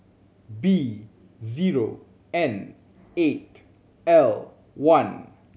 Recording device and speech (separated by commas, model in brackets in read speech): mobile phone (Samsung C7100), read sentence